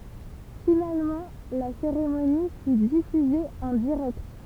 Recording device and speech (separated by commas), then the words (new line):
temple vibration pickup, read sentence
Finalement, la cérémonie fut diffusée en direct.